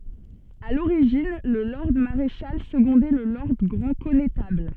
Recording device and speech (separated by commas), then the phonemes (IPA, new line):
soft in-ear microphone, read sentence
a loʁiʒin lə lɔʁd maʁeʃal səɡɔ̃dɛ lə lɔʁd ɡʁɑ̃ kɔnetabl